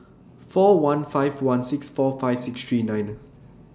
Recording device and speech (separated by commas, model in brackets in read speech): standing microphone (AKG C214), read sentence